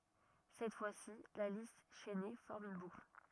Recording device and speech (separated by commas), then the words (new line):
rigid in-ear microphone, read sentence
Cette fois-ci, la liste chaînée forme une boucle.